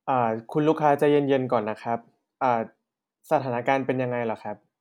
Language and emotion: Thai, neutral